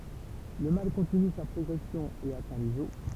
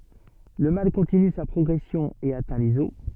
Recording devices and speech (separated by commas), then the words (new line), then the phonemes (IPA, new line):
temple vibration pickup, soft in-ear microphone, read sentence
Le mal continue sa progression et atteint les os.
lə mal kɔ̃tiny sa pʁɔɡʁɛsjɔ̃ e atɛ̃ lez ɔs